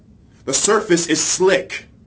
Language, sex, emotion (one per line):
English
male
angry